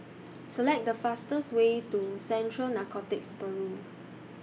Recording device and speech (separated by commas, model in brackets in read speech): mobile phone (iPhone 6), read sentence